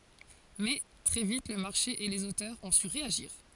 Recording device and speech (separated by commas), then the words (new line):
forehead accelerometer, read sentence
Mais, très vite le marché et les auteurs ont su réagir.